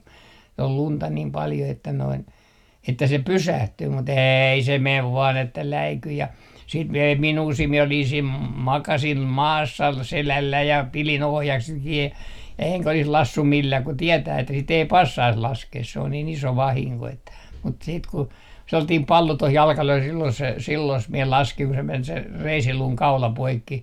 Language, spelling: Finnish, oli lunta niin paljon että noin että se pysähtyy mutta ei se meni vain että läikyi ja sitten - ei minua siinä minä olin siinä - makasin maassa selälläni ja pidin ohjakset kiinni enkä olisi laskenut millään kun tietää että sitä ei passaisi laskea se on niin iso vahinko että mutta sitten kun sellainen pallo tuohon jalkaan löi silloin se silloin minä laskin kun se meni se reisiluun kaula poikki
- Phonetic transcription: ol 'lunta 'niim 'paljo että noin , että 'se pysähtyy mut "eei se "mev 'vaan että 'läiky ja , siit mi - ei 'minuu 'siin mie olin siim m - makasim "maassa 'selälläi ja pili'n ‿ohjakset kii 'eŋkä olis 'lassum 'millää ku 'tietää että sit ‿ei "passais 'laskees se on niin 'iso 'vahiŋko että , mut siit ku sellatiim pallo toh 'jalkah löi sillon se , 'sillos mie 'laskiŋ ku se 'men se "reisiluuŋ 'kaula 'poikki .

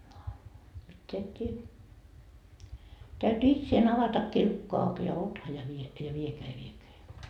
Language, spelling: Finnish, no mitään et tee täytyi itsensä avatakin lukko auki ja ota ja vie ja viekää ja viekää ja
- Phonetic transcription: no , mitteä et tie , täyty 'itseen 'avatakkii lukko auk ja "ota ja vie , ja viekeä ja viekeä ja .

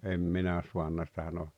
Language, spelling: Finnish, en minä saanut sitä nousemaan
- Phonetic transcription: em 'minä 'suanna sⁱtä nou[semaan] .

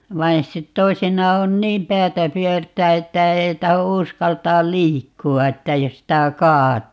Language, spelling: Finnish, vaan sitten toisinaan on niin päätä pyörtää että ei tahdo uskaltaa liikkua että jos sitä kaatuu
- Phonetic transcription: 'vain 'sit(te) "toi̮sinnaa 'on - "niim "päätä 'pyört̆tää että 'ei taho 'uskaltaal "liikku₍a että 'jos sitä "kaat̀(uu) .

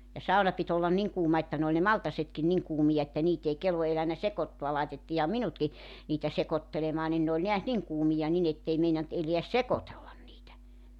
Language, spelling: Finnish, ja sauna piti olla niin kuuma että ne oli ne maltaatkin niin kuumia että niitä ei kelvon elänyt sekoittaa laitettiinhan minutkin niitä sekoittelemaan niin ne oli näet niin kuumia niin että ei meinannut elää sekoitella niitä
- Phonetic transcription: ja 'sauna pit ‿ollan "niŋ 'kuuma että n ‿ooĺ ne "maltasetkin 'niŋ 'kuumija että 'niit ‿ei 'kelvo elänä "sekottua 'laitettiiha "minutki , niitä 'sekottelemaa nin ne oĺ neäs 'niŋ 'kuumija 'nin ‿ettei 'meinant eleäs "sekotellan niitä .

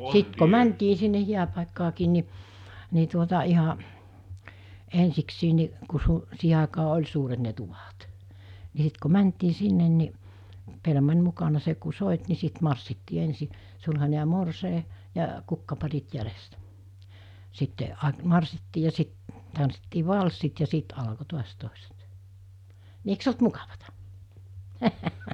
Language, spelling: Finnish, sitten kun mentiin sinne hääpaikkaakin niin niin tuota ihan ensiksikin niin kun - siihen aikaan oli suuret ne tuvat niin sitten kun mentiin sinne niin pelimanni mukana se kun soitti niin sitten marssittiin ensin sulhanen ja morsian ja kukkaparit jäljestä sitten - marssittiin ja sitten tanssittiin valssit ja siitä alkoi taas toiset niin eikös ollut mukavaa
- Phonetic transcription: 'sit ko "mäntii sinne 'hiäpàikkaakiin ni , ni tuota 'iha , 'ensiksiin̆ ni , ku su- , siihe àekaa 'oĺ suuret ne tuvàt , ni 's̬it ku 'mäntii 'sinnen ni , 'pelmań 'mukana 'se ku 'sòit ni 'sit marssittii 'ensi , 'sulhane ja 'morsèi , ja , 'kukkaparit jälestä , sitte , a- 'marssittii ja 'sit , tanssittii 'valssit ja 'siit alko 'tuas tòeset , ni eik's ‿olt mukavata .

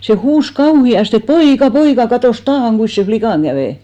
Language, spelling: Finnish, se huusi kauheasti poika poika katsos taa kuinkas sen likan kävi
- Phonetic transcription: se 'huus "kauhi₍aste » "poika "poika 'katòs "taahaŋ ɢuis sen̬ 'flikàŋ ɢävè ! «

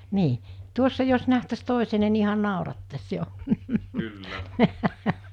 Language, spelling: Finnish, niin tuossa jos nähtäisi toisemme niin ihan naurattaisi jo
- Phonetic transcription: nii , 'tuossa jos 'nähtäs 'tòisene ni ihan̆ 'nàorattas 'jo .

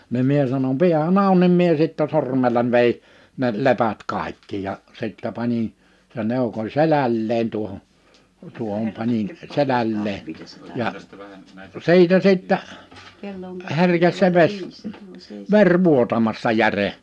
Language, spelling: Finnish, niin minä sanoin pidähän auki niin minä sitten sormella vedin ne lepät kaikki ja sitten panin sen eukon selälleen tuohon tuohon panin selälleen ja siitä sitten herkesi se vesi veri vuotamasta jären
- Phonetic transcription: nim 'mie sanon » 'piähä'n ‿àu̬n « nim mie sittɛ 'sormellań vei , ne 'lepät 'kàikki ja , 'sittɛ pańin , se'n ‿eukoń 'selälleen tuohon , 'tuohom panin , 'selällee , ja , 'si̬itä 'sittä , 'herkes se 'ves , 'ver 'vuotamasta 'järe .

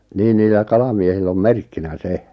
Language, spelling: Finnish, niin niillä kalamiehillä on merkkinä se
- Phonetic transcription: 'niin niillä 'kalamiehill ‿om "merkkinä "se .

